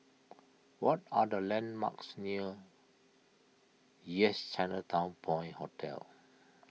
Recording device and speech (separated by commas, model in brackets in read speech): mobile phone (iPhone 6), read sentence